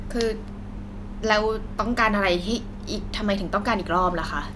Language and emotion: Thai, frustrated